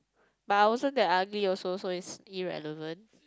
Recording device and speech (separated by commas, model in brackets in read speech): close-talking microphone, conversation in the same room